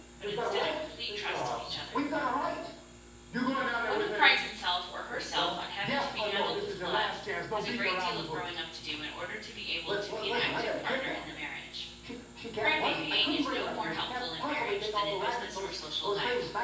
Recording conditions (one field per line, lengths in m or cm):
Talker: one person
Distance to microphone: 9.8 m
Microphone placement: far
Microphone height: 1.8 m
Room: large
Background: television